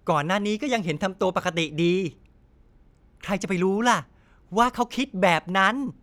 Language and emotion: Thai, happy